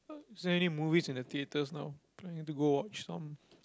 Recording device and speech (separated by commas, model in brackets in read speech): close-talking microphone, conversation in the same room